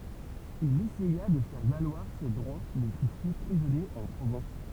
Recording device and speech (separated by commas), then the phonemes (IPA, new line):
temple vibration pickup, read sentence
il esɛja də fɛʁ valwaʁ se dʁwa mɛ fy fɛ pʁizɔnje ɑ̃ pʁovɑ̃s